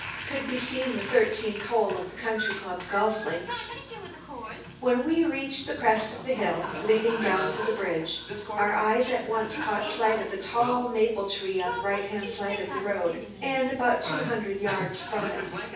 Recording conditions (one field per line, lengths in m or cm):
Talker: one person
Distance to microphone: 9.8 m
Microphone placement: far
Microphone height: 1.8 m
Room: large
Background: television